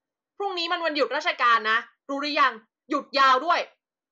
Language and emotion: Thai, angry